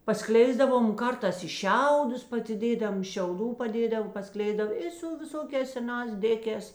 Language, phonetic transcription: Lithuanian, paˈskleisdavom o ˈkartās i ˈšiaudus pasiˈdėdam šiauˈdų paˈdėdav paˈskleisdav ˈi su viˈsokēs seˈnās ˈdėkēs

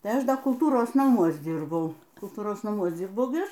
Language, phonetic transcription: Lithuanian, ˈtai ˈaš ˈda kulˈtūros naˈmuos ˈdyrbau kulˈtūros naˈmuos ˈdzyrbau gi ˈaš

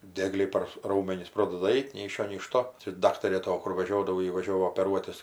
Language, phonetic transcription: Lithuanian, ˈdiegliai par ˈraumenis ˈprodada ˈait nei iš ˈšio nei iš ˈto čia ˈdaktarė ˈto ˈkur ˈvažiodavo ˈji vaˈžiovo opeˈruotis

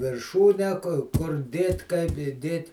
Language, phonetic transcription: Lithuanian, virˈšūnę kur ˈdėt' kaip iˈdėt'

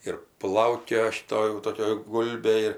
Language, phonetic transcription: Lithuanian, ir ˈplaukioja šiˈto jau ˈtokia ˈgulbė ir

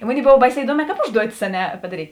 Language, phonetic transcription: Lithuanian, i ˈmonėi ˈbov ˈbaiˌsē iˈduoˌmē ˈkāp ˈužduotis a ˈne padaˈryt'

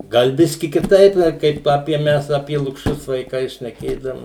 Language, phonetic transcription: Lithuanian, ˈgal ˈbiski kiˈtaip a ˈkaip ˈapie ˈmes apie lukˈšius vaiˈkai šneˈkėdavom

